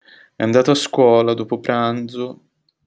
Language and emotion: Italian, sad